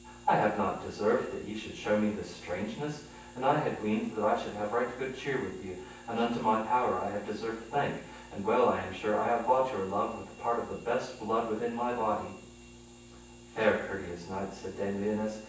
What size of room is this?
A spacious room.